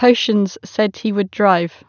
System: none